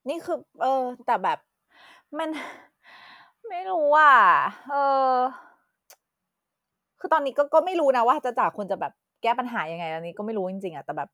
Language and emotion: Thai, frustrated